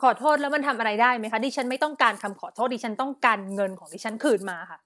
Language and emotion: Thai, angry